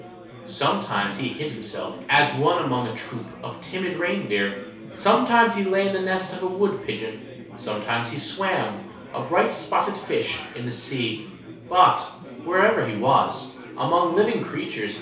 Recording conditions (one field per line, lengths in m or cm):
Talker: one person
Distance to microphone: 3.0 m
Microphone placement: far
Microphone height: 1.8 m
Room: small (3.7 m by 2.7 m)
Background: babble